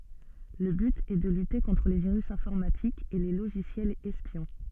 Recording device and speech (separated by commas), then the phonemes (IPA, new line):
soft in-ear microphone, read sentence
lə byt ɛ də lyte kɔ̃tʁ le viʁys ɛ̃fɔʁmatikz e le loʒisjɛlz ɛspjɔ̃